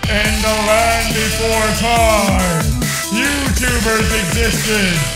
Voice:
in movie trailer voice